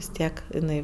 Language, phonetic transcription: Lithuanian, vis ˈtiek iˈnai

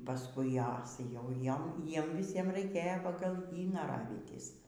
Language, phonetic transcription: Lithuanian, paˈskui ˈjas jau ˈjom ˈjiem viˈsiem raiˈkėjo ˈpagal ˈjį naˈravytis

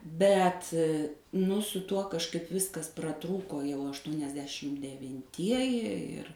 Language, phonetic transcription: Lithuanian, ˈbet nu su ˈtuo kažˈkaip ˈviskas praˈtrūko jau aštuoniasˈdešim devinˈtieji ˈir

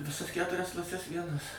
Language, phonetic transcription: Lithuanian, viˈsas ˈketurias klaˈses ˈvienas

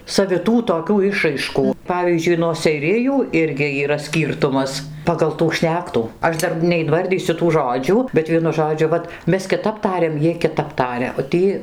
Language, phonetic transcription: Lithuanian, saviˈtų toˈkių ˈišraiškų ˈpavyzdžiui nuo seiˈrijų ˈirgi yˈra ˈskyrtumas pagal tų ˈšnektų ˈaš ˈdar neinˈvardysiu tų ˈžodžių bet ˈvienu ˈžodžiu ˈvat ˈmes kiˈtap ˈtariam ˈjiej kiˈtap ˈtaria o ˈtį

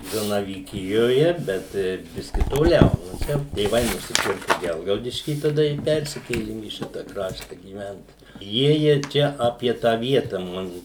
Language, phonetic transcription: Lithuanian, zanavyˈkijoje ˈbet ˈbiski toˈliau no ˈčia tėˈvai nusiˈpirku ˈgelgaudišky taˈda i ˈpersikėlim į ˈšita ˈkrašta gyˈvent ˈjiejie ˈčia ˈapie tą ˈvieta ˈmanu

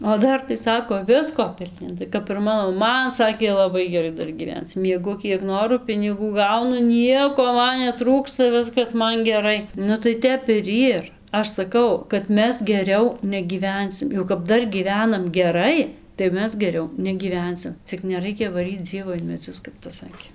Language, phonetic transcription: Lithuanian, o ˈdar tai ˈsako ˈvisko pilˈni ˈnu tai kap ir ˈmano maˈma ˈman ˈsakė laˈbai geˈrai ˈdar gyˈvenc mieˈgu ˈkiek ˈnoru piniˈgų ˈgaunu ˈnieko ˈman neˈtrūksta ˈviskas ˈman geˈrai nu tai ˈtep ir ˈyr ˈaš saˈkau kad ˈmes geˈriau negyˈvensim jau kap ˈdar gyˈvenam geˈrai tai ˈmes geˈriau negyˈvensim cik neˈraikia vaˈryc ˈdzievo in meˈdzius kap tas ˈsakė

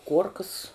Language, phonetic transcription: Lithuanian, ˈkuorkas

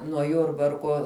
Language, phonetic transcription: Lithuanian, nuo ˈjurbarkuo

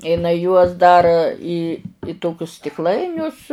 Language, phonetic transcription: Lithuanian, iˈnai juos ˈdar į ˈtokius stikˈlainius

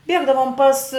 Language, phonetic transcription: Lithuanian, ˈbiegdavom pas

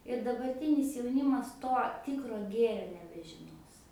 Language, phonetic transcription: Lithuanian, ir dabarˈtinis jauˈnimas ˈto ˈtikro ˈgėrio nebežiˈnos

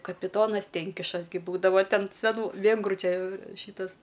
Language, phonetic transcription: Lithuanian, kapiˈtonas ˈtenkišas gi ˈbūdava ˈten seˈnų ˈvėngrų ˈčia ˈšytas

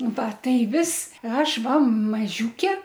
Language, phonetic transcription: Lithuanian, ˈva ˈtai ˈvis ˈaš ˈva maˈžiūke

